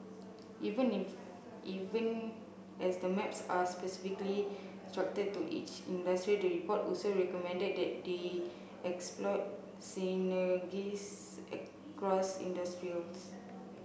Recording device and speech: boundary microphone (BM630), read sentence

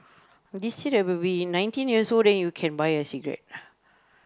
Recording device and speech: close-talking microphone, conversation in the same room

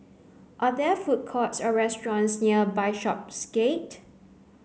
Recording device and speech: mobile phone (Samsung C9), read sentence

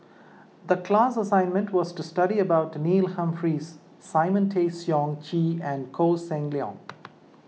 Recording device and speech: mobile phone (iPhone 6), read sentence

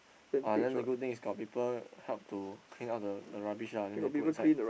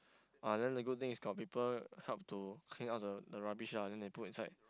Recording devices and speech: boundary microphone, close-talking microphone, conversation in the same room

